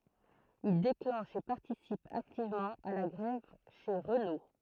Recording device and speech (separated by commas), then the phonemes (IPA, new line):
throat microphone, read sentence
il deklɑ̃ʃ e paʁtisip aktivmɑ̃ a la ɡʁɛv ʃe ʁəno